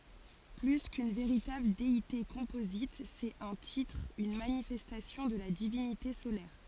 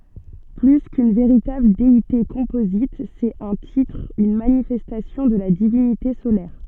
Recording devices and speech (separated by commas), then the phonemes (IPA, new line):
forehead accelerometer, soft in-ear microphone, read sentence
ply kyn veʁitabl deite kɔ̃pozit sɛt œ̃ titʁ yn manifɛstasjɔ̃ də la divinite solɛʁ